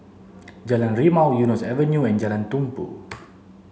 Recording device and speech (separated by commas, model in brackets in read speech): mobile phone (Samsung C7), read sentence